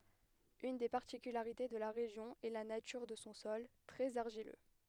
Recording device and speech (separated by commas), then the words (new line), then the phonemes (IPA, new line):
headset microphone, read sentence
Une des particularités de la région est la nature de son sol, très argileux.
yn de paʁtikylaʁite də la ʁeʒjɔ̃ ɛ la natyʁ də sɔ̃ sɔl tʁɛz aʁʒilø